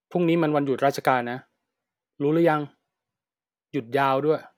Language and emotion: Thai, frustrated